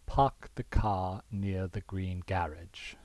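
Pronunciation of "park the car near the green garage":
This is said in a non-rhotic, standard British way: the R sounds are dropped, but not in 'green' or 'garage', where the R is kept.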